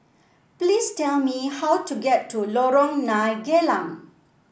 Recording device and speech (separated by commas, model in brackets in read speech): boundary microphone (BM630), read sentence